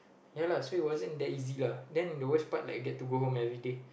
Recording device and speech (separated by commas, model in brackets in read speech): boundary microphone, conversation in the same room